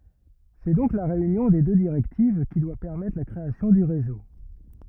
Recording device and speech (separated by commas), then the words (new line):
rigid in-ear microphone, read sentence
C'est donc la réunion des deux directives qui doit permettre la création du réseau.